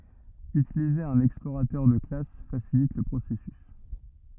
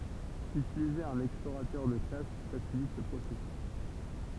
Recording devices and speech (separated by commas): rigid in-ear microphone, temple vibration pickup, read sentence